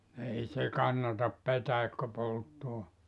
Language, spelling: Finnish, ei se kannata petäikkö polttaa
- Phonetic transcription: 'ei se "kannatap 'petäikkö 'polttoa .

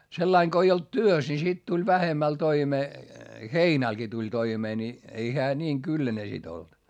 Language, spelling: Finnish, sellainen kun ei ollut työssä niin sitten tuli vähemmällä toimeen heinälläkin tuli toimeen niin ei hän niin kylläinen sitten ollut
- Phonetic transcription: sellaiŋ ko ei olt työs ni sit tuĺ vähemäl toimee , heinälGi tuĺ toimee ni , ei heä niiŋ kylläne sit ‿olt .

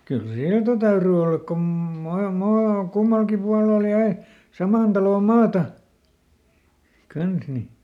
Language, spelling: Finnish, kyllä silta täytyi olla kun - maa kummallakin puolella jäi saman talon maata kanssa niin
- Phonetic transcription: kyl "silta ˈtäyry ˈollak kom ˈma- ˈmaa , ˈkummalkim ˈpualel ˈjäi , "samàn talò ˈmaata , ˈkans ni .

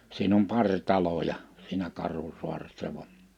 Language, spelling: Finnish, siinä on pari taloja siinä Karhusaaressa vain
- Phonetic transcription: 'siin ‿om 'paŕ 'taloja , siinä 'Karhusu̬aressa va’ ,.

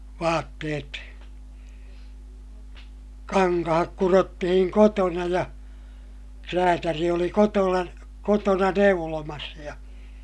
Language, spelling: Finnish, vaatteet kankaat kudottiin kotona ja räätäli oli - kotona neulomassa ja
- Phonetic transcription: vaatteet , kaŋkahak kurottihiŋ kotona ja , kräätäri oli kotola- , kotona neulomas ja , .

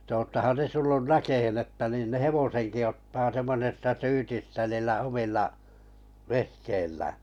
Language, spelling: Finnish, että olettehan te tullut näkemään että niin ne hevosenkin ottaa semmoisesta syytistä niillä omilla vehkeillään
- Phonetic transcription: t ‿oottahan 'te 'tullun "näkehen että nin 'ne "hevoseŋki ottaa 'semmon̳esta 'syytistä niillä 'omilla , 'vehkeillää .

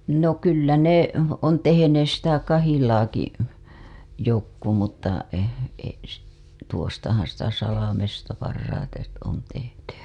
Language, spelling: Finnish, no kyllä ne on tehneet sitä kahilaakin jotkut mutta - - tuostahan sitä Salmesta parhaiten on tehty
- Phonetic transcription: no kyllä 'ne , on tehenees sitä 'kahilaaki , jokku mutta , e- , s- , tuostahan sitä 'Salamesta parraite , on tehty .

